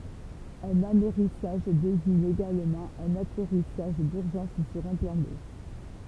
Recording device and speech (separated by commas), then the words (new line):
temple vibration pickup, read sentence
Un amerrissage désigne également un atterrissage d'urgence sur un plan d'eau.